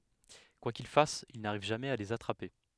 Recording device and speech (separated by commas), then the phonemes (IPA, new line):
headset microphone, read sentence
kwa kil fas il naʁiv ʒamɛz a lez atʁape